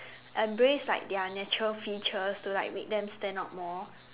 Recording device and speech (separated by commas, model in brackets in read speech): telephone, conversation in separate rooms